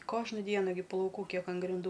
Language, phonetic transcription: Lithuanian, ˈkožna ˈdiena gi plauˈkų ˈkiek an grinˈdų

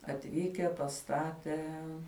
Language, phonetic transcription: Lithuanian, atˈvyke paˈstatė

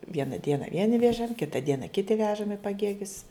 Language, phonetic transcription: Lithuanian, ˈviena ˈdiena ˈvieni ˈvėžam ˈkita ˈdiena ˈkiti ˈvežam i paˈgėgius

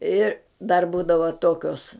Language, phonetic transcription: Lithuanian, ˈir dar ˈbūdava ˈtokios

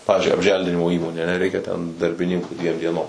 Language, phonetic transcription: Lithuanian, ˈpavizdžiui apˈželdinimo ˈįmonė aˈne ˈreikia ten darbiˈninkų ˈdviem dieˈnom

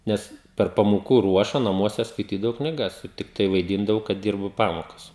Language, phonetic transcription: Lithuanian, ˈnes per pamoˈkų ˈruoša naˈmuose skaiˈtydavau kniˈgas ˈtiktai vaiˈdyndavau kad ˈdyrbu ˈpamokas

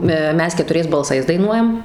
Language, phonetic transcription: Lithuanian, ˈmes ketuˈriais balˈsais daiˈnuojam

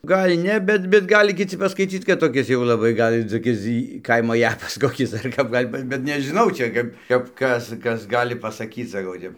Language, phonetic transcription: Lithuanian, ˈgal' ˈne ˈbet bet ˈgali kiˈci paskaiˈcyc kad toˈkis jau laˈbai ˈgal' toˈkis ˈkaimo ˈjapas ˈkokis dar ˈkap ˈgal' ba bet nežiˈnau ˈčia kap kap ˈkas ˈkas ˈgali pasaˈkyc saˈkau ˈtep

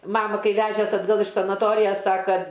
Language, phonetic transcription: Lithuanian, ˈmama ˈkai ˈvežes atˈgal iš sanaˈtorijas ˈsaka

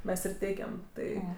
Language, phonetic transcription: Lithuanian, ˈmes ir ˈteikem ˈtai

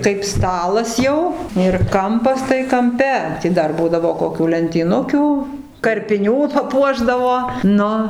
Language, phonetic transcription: Lithuanian, kaip ˈstalas jau ir ˈkampas tai kamˈpe ˈti dar ˈbūdavo koˈkių lentyˈnukiu karpiˈnių paˈpuošdavo ˈnu

